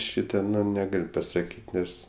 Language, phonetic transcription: Lithuanian, ˈšyta neˈgal' pasaˈkyt' ˈnes

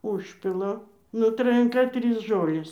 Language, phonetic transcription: Lithuanian, ˈužpila nu trajanˈka ˈtrys ˈžolės

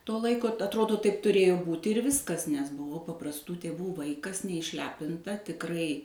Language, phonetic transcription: Lithuanian, to ˈlaiko t atˈrodo ˈtaip tuˈrėjo ˈbūti ir ˈviskas nes buˈvau paprasˈtų tėˈvų ˈvaikas neišˈlepinta tikˈrai

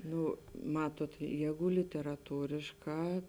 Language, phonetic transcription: Lithuanian, ˈnu ˈmatuot ˈjēgu literaˈtūrišˌkā

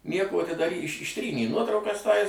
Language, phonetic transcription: Lithuanian, ˈnieko ti dar iš išˈtrynė ˈnuotraukas ˈtais

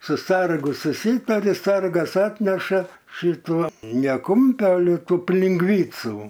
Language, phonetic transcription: Lithuanian, su ˈsargu suˈsytari ˈsargas ˈatneša ˈšituo ne ˈkūmpio ale ˈtų pilingˈvycu

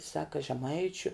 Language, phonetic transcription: Lithuanian, ˈsaka žeˈmaičiu

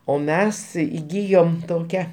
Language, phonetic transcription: Lithuanian, o ˈmes įˈgyjom toˈkia

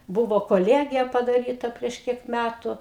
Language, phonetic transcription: Lithuanian, ˈbuvo koˈliegija padaˈryta prieš ˈkiek ˈmætu

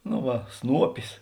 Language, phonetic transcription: Lithuanian, no ˈva ˈsnuopis

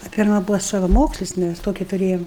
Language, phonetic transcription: Lithuanian, a ˈpirma ˈbuvo savaˈmokslis ˈmæs ˈtoki tuˈrėjam

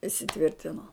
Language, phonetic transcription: Lithuanian, isiˈtvirtino

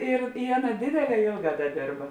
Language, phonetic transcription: Lithuanian, ir i ˈaˌna ˈdėdėˌlē ˈėlˌgā ˈda ˈdėrba

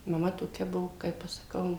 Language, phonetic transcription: Lithuanian, maˈma toˈkia ˈbuvo ˈkaip aš saˈkau

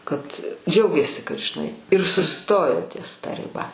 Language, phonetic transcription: Lithuanian, ˈkad ˈdžiaugėsi kad žiˈnai ir suˈstojo ties ta riˈba

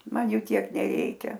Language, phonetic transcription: Lithuanian, ˈman ˈjų ˈtiek neˈreikia

